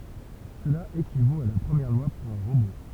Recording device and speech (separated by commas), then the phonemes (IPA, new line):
temple vibration pickup, read sentence
səla ekivot a la pʁəmjɛʁ lwa puʁ œ̃ ʁobo